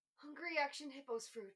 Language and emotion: English, fearful